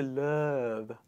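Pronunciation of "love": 'Love' is pronounced incorrectly here.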